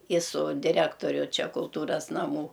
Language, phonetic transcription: Lithuanian, i su diˈrektoriu ˈčia kulˈtūras naˈmų

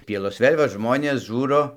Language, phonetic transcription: Lithuanian, ˈpielos ˈvėl' va ˈžmonės ˈžūro

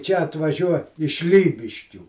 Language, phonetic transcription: Lithuanian, čia atvaˈžiuo iš ˈlybiškių

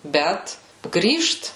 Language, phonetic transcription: Lithuanian, ˈbet ˈgrįžt

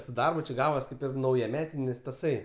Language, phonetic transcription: Lithuanian, su ˈdarbu či ˈgavas ˈkaip ir naujaˈmetinis taˈsai

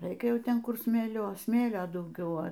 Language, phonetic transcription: Lithuanian, ˈraikia ˈjau ˈten ˈkur smėˈlio ˈsmėlio dauˈgiau a

